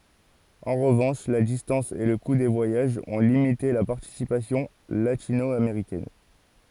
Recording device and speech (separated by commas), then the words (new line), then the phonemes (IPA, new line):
forehead accelerometer, read sentence
En revanche, la distance et le coût des voyages ont limité la participation latino-américaine.
ɑ̃ ʁəvɑ̃ʃ la distɑ̃s e lə ku de vwajaʒz ɔ̃ limite la paʁtisipasjɔ̃ latino ameʁikɛn